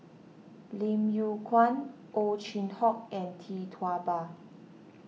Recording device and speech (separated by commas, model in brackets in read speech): mobile phone (iPhone 6), read sentence